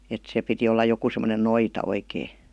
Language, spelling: Finnish, että se piti olla joku semmoinen noita oikein
- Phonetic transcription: et se 'piti olla joku sem°nen "noita 'oikee .

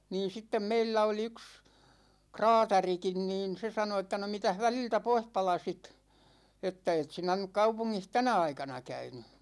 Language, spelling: Finnish, niin sitten meillä oli yksi kraatarikin niin se sanoi että no mitäs väliltä pois palasit että et sinä nyt kaupungissa tänä aikana käynyt
- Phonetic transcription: niin̬ 'sittem 'meillä oli 'yks , "kraatarikin niin , 'se sano että » no 'mitäh 'väliltä "poih 'palasit , 'että 'et sinä nyk 'kaupuŋŋih "tänä 'aikana 'käyny « .

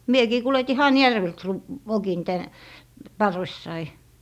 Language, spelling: Finnish, minäkin kuljetin Hanhijärveltä sen - vokin tänne parvessani
- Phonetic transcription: 'miekii 'kuleti "Hajärvelt se r - 'vokin tän , "parvessai .

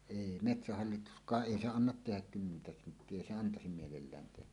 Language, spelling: Finnish, ei metsähallituskaan ei se anna tehdä kymmentä senttiä ei se antaa mielellään tehdä
- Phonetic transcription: èi , "metsähallitusk̀aaˀ "ˀèi 'se "annat 'tehäk kymmentä senttie èi se 'antasim mielellään tehä .

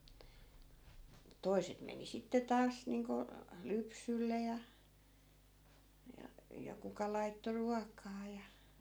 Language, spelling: Finnish, mutta toiset meni sitten taas niin kuin lypsylle ja ja ja kuka laittoi ruokaa ja
- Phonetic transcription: (mut) 'toi̮set meni 'sitte 'taas niiŋko , "lypsylle ja , ja , ja 'kuka laitto 'ruak̀aa ja .

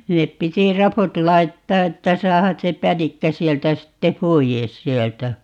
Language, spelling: Finnish, sinne piti raput laittaa että saada se pänikkä sieltä sitten pois sieltä
- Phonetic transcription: ('sin)nep 'piti "raput 'laittaa 'että 'saahas se "pänikkä 'sieltä 'sitte "poijes 'sieltä .

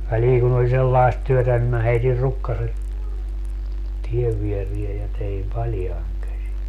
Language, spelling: Finnish, väliin kun oli sellaista työtä niin minä heitin rukkaset tien viereen ja tein paljain käsin
- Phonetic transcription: 'väliiŋ kun ‿oĺ 'sellaest 'työtä nim mä 'heitir 'rukkaset , 'tiev vierie ja teim "paljaiŋ käsi .

